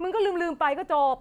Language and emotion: Thai, frustrated